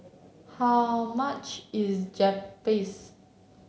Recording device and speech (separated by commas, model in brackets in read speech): mobile phone (Samsung C7), read sentence